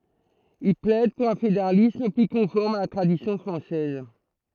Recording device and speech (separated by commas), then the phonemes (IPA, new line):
throat microphone, read sentence
il plɛd puʁ œ̃ fedeʁalism ply kɔ̃fɔʁm a la tʁadisjɔ̃ fʁɑ̃sɛz